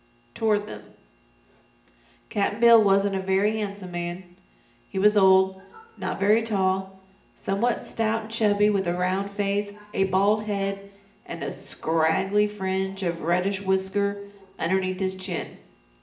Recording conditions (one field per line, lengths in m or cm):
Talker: one person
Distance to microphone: 1.8 m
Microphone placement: close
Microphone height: 1.0 m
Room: large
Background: television